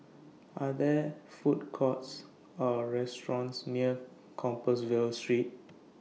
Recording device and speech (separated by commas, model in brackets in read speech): mobile phone (iPhone 6), read sentence